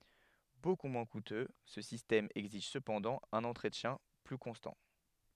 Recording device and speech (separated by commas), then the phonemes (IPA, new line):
headset microphone, read sentence
boku mwɛ̃ kutø sə sistɛm ɛɡziʒ səpɑ̃dɑ̃ œ̃n ɑ̃tʁətjɛ̃ ply kɔ̃stɑ̃